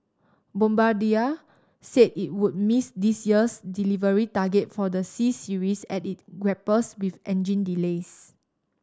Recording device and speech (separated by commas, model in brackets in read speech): standing microphone (AKG C214), read sentence